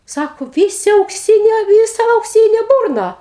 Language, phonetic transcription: Lithuanian, ˈsako ˈvysi aukˈsynio ˈvysa aukˈsynė ˈburna

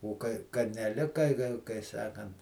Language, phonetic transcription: Lithuanian, o ˈkai ka neˈlika ka kai ˈsakant

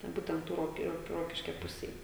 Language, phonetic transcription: Lithuanian, ten ˈbūtent ˈtų ˈrok ˈroki ˈrokiškia ˈpusėj

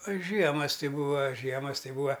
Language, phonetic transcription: Lithuanian, a ˈžiemas ˈti ˈbūa ˈžiemas ˈti ˈbūa

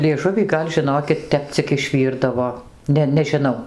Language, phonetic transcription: Lithuanian, lieˈžuvį ˈgal' žiˈnokit ˈtep cik išˈvyrdavo ˈne nežiˈnau

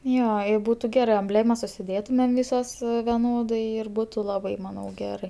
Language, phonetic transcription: Lithuanian, ˈjo i ˈbūtu ˈgerɜ amˈblėmas užsiˈdėtumem ˈvisos veˈnodai ir ˈbūtu ˈlabai ˈmanau ˈgerai

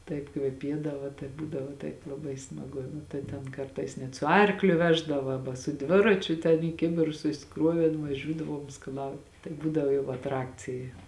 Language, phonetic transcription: Lithuanian, ˈtaip kveˈpiedava tai ˈbūdavo ˈtaip laˈbai smaˈgu ˈnu tai ten ˈkartais net su ˈarkliu ˈveždava ˈaba su ˈdviračiu ten į ˈkibirus susiˈkruovėn vaˈžiūdavuom skaˈlaut tai ˈbūdavo jau atˈrakcija

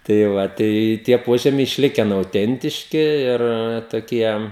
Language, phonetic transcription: Lithuanian, tai ˈva tai ˈtie ˈpožemiai išˈliken auˈtentiški ˈir toˈkie

